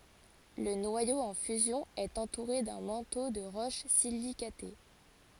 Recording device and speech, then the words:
forehead accelerometer, read sentence
Le noyau en fusion est entouré d'un manteau de roches silicatées.

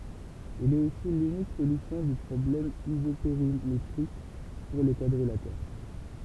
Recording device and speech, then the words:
temple vibration pickup, read sentence
Il est aussi l'unique solution du problème isopérimétrique pour les quadrilatères.

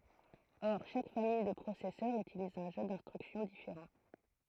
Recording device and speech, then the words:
throat microphone, read sentence
Or chaque famille de processeurs utilise un jeu d'instructions différent.

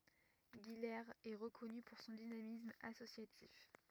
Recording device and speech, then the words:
rigid in-ear microphone, read sentence
Guilers est reconnue pour son dynamisme associatif.

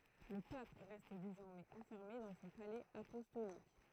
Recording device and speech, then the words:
throat microphone, read sentence
Le pape reste désormais enfermé dans son palais apostolique.

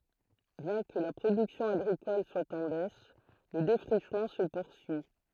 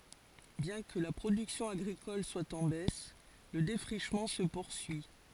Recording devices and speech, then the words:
throat microphone, forehead accelerometer, read sentence
Bien que la production agricole soit en baisse, le défrichement se poursuit.

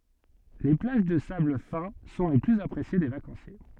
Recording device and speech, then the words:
soft in-ear microphone, read sentence
Les plages de sable fin sont les plus appréciées des vacanciers.

